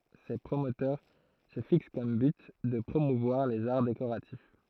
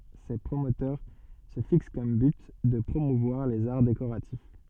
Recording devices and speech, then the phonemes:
throat microphone, soft in-ear microphone, read sentence
se pʁomotœʁ sə fiks kɔm byt də pʁomuvwaʁ lez aʁ dekoʁatif

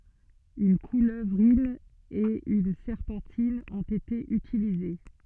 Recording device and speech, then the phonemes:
soft in-ear microphone, read sentence
yn kuløvʁin e yn sɛʁpɑ̃tin ɔ̃t ete ytilize

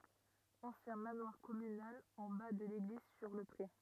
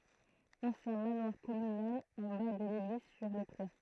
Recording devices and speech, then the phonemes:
rigid in-ear microphone, throat microphone, read sentence
ɑ̃sjɛ̃ manwaʁ kɔmynal ɑ̃ ba də leɡliz syʁ lə pʁe

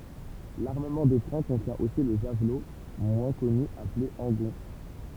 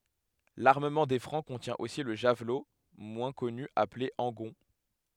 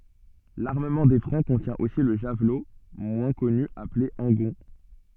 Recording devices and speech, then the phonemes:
temple vibration pickup, headset microphone, soft in-ear microphone, read sentence
laʁməmɑ̃ de fʁɑ̃ kɔ̃tjɛ̃ osi lə ʒavlo mwɛ̃ kɔny aple ɑ̃ɡɔ̃

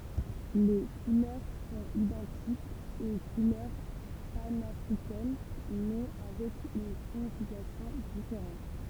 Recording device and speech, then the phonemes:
temple vibration pickup, read sentence
le kulœʁ sɔ̃t idɑ̃tikz o kulœʁ panafʁikɛn mɛ avɛk yn siɲifikasjɔ̃ difeʁɑ̃t

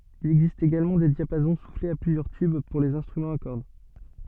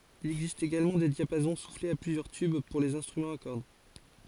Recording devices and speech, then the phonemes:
soft in-ear microphone, forehead accelerometer, read sentence
il ɛɡzist eɡalmɑ̃ de djapazɔ̃ suflez a plyzjœʁ tyb puʁ lez ɛ̃stʁymɑ̃z a kɔʁd

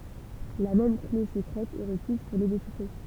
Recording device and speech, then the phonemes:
temple vibration pickup, read sentence
la mɛm kle səkʁɛt ɛ ʁəkiz puʁ le deʃifʁe

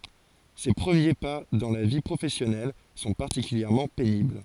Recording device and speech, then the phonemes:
forehead accelerometer, read sentence
se pʁəmje pa dɑ̃ la vi pʁofɛsjɔnɛl sɔ̃ paʁtikyljɛʁmɑ̃ penibl

